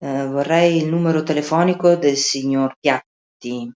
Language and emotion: Italian, fearful